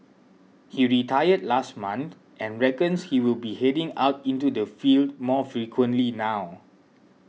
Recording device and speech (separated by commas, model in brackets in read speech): mobile phone (iPhone 6), read sentence